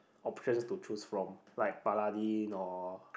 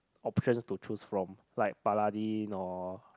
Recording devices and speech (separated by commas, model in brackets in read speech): boundary microphone, close-talking microphone, conversation in the same room